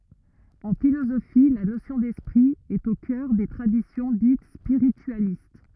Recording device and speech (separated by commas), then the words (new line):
rigid in-ear microphone, read sentence
En philosophie, la notion d'esprit est au cœur des traditions dites spiritualistes.